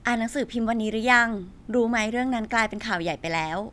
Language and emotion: Thai, neutral